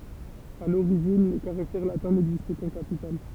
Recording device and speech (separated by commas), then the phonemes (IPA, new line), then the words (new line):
temple vibration pickup, read sentence
a loʁiʒin le kaʁaktɛʁ latɛ̃ nɛɡzistɛ kɑ̃ kapital
À l'origine, les caractères latins n'existaient qu'en capitales.